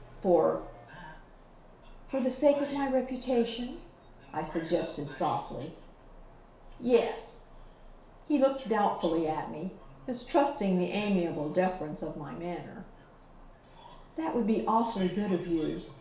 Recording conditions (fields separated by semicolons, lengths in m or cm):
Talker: one person; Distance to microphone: 1.0 m; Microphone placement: close; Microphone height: 1.1 m; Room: small (3.7 m by 2.7 m); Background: television